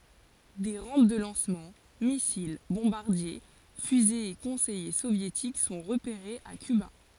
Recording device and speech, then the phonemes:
forehead accelerometer, read sentence
de ʁɑ̃p də lɑ̃smɑ̃ misil bɔ̃baʁdje fyzez e kɔ̃sɛje sovjetik sɔ̃ ʁəpeʁez a kyba

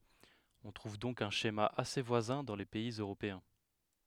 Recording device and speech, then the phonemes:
headset microphone, read sentence
ɔ̃ tʁuv dɔ̃k œ̃ ʃema ase vwazɛ̃ dɑ̃ le pɛiz øʁopeɛ̃

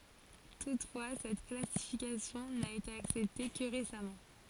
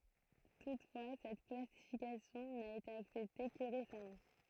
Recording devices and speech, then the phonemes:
forehead accelerometer, throat microphone, read sentence
tutfwa sɛt klasifikasjɔ̃ na ete aksɛpte kə ʁesamɑ̃

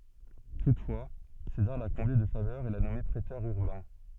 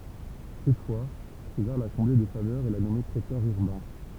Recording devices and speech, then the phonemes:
soft in-ear microphone, temple vibration pickup, read sentence
tutfwa sezaʁ la kɔ̃ble də favœʁz e la nɔme pʁetœʁ yʁbɛ̃

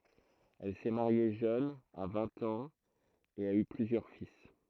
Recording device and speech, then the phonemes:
throat microphone, read sentence
ɛl sɛ maʁje ʒøn a vɛ̃t ɑ̃z e a y plyzjœʁ fil

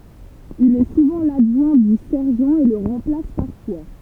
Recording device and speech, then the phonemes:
temple vibration pickup, read sentence
il ɛ suvɑ̃ ladʒwɛ̃ dy sɛʁʒɑ̃ e lə ʁɑ̃plas paʁfwa

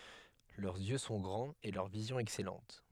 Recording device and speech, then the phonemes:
headset microphone, read sentence
lœʁz jø sɔ̃ ɡʁɑ̃z e lœʁ vizjɔ̃ ɛksɛlɑ̃t

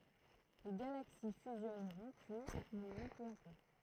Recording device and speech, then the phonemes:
throat microphone, read sentence
le ɡalaksi fyzjɔnʁɔ̃ pyi muʁʁɔ̃ pø a pø

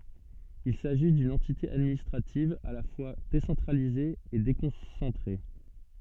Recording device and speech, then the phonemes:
soft in-ear microphone, read sentence
il saʒi dyn ɑ̃tite administʁativ a la fwa desɑ̃tʁalize e dekɔ̃sɑ̃tʁe

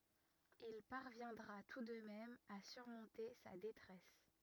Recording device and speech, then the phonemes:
rigid in-ear microphone, read sentence
il paʁvjɛ̃dʁa tu də mɛm a syʁmɔ̃te sa detʁɛs

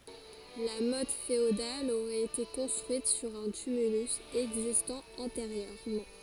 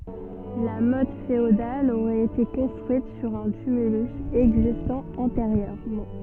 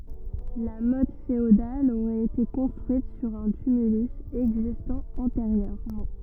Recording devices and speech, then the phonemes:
forehead accelerometer, soft in-ear microphone, rigid in-ear microphone, read sentence
la mɔt feodal oʁɛt ete kɔ̃stʁyit syʁ œ̃ tymylys ɛɡzistɑ̃ ɑ̃teʁjøʁmɑ̃

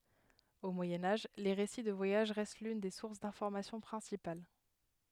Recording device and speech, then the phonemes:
headset microphone, read sentence
o mwajɛ̃ aʒ le ʁesi də vwajaʒ ʁɛst lyn de suʁs dɛ̃fɔʁmasjɔ̃ pʁɛ̃sipal

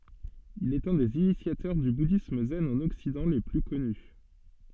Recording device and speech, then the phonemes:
soft in-ear microphone, read sentence
il ɛt œ̃ dez inisjatœʁ dy budism zɛn ɑ̃n ɔksidɑ̃ le ply kɔny

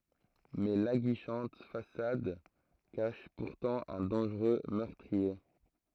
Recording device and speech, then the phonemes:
throat microphone, read sentence
mɛ laɡiʃɑ̃t fasad kaʃ puʁtɑ̃ œ̃ dɑ̃ʒʁø mœʁtʁie

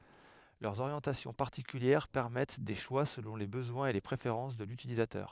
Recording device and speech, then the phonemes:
headset microphone, read sentence
lœʁz oʁjɑ̃tasjɔ̃ paʁtikyljɛʁ pɛʁmɛt de ʃwa səlɔ̃ le bəzwɛ̃z e le pʁefeʁɑ̃s də lytilizatœʁ

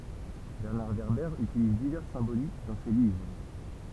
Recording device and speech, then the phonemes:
temple vibration pickup, read sentence
bɛʁnaʁ vɛʁbɛʁ ytiliz divɛʁs sɛ̃bolik dɑ̃ se livʁ

